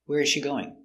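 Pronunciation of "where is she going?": In 'where is she going', the z sound at the end of 'is' is not heard before 'she'.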